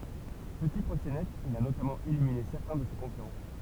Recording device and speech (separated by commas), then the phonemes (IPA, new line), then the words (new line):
temple vibration pickup, read sentence
pəti pʁoksenɛt il a notamɑ̃ elimine sɛʁtɛ̃ də se kɔ̃kyʁɑ̃
Petit proxénète, il a notamment éliminé certains de ses concurrents.